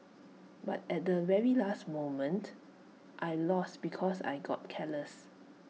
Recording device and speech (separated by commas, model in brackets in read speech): mobile phone (iPhone 6), read sentence